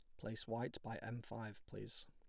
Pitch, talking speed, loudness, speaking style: 115 Hz, 190 wpm, -48 LUFS, plain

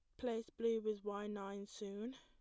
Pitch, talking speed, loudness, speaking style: 215 Hz, 185 wpm, -44 LUFS, plain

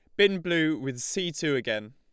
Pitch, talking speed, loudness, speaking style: 155 Hz, 210 wpm, -27 LUFS, Lombard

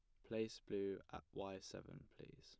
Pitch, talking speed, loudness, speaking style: 100 Hz, 165 wpm, -49 LUFS, plain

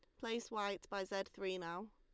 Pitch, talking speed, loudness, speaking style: 200 Hz, 205 wpm, -43 LUFS, Lombard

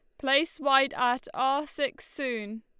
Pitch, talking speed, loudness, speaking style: 270 Hz, 150 wpm, -27 LUFS, Lombard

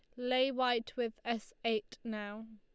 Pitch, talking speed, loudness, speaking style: 230 Hz, 155 wpm, -36 LUFS, Lombard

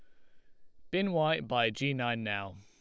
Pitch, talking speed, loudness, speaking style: 120 Hz, 220 wpm, -32 LUFS, Lombard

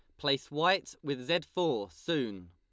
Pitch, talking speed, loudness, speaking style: 140 Hz, 155 wpm, -32 LUFS, Lombard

